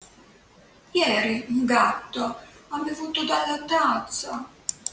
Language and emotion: Italian, sad